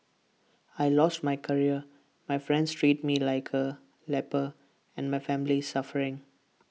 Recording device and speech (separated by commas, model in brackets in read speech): mobile phone (iPhone 6), read sentence